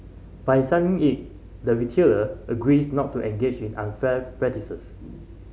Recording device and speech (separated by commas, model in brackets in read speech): mobile phone (Samsung C5010), read sentence